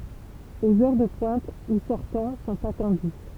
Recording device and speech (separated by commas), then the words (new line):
temple vibration pickup, read sentence
Aux heures de pointe, ou sortants sont attendus.